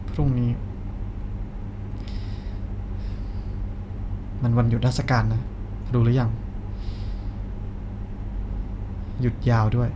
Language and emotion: Thai, sad